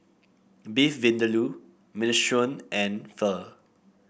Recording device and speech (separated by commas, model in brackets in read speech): boundary microphone (BM630), read sentence